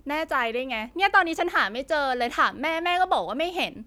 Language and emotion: Thai, frustrated